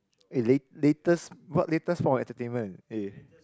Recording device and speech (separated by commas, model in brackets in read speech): close-talking microphone, conversation in the same room